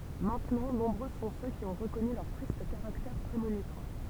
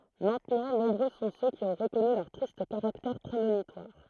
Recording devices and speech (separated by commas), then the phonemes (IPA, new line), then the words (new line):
temple vibration pickup, throat microphone, read sentence
mɛ̃tnɑ̃ nɔ̃bʁø sɔ̃ sø ki ɔ̃ ʁəkɔny lœʁ tʁist kaʁaktɛʁ pʁemonitwaʁ
Maintenant, nombreux sont ceux qui ont reconnu leur triste caractère prémonitoire.